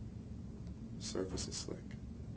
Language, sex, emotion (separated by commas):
English, male, neutral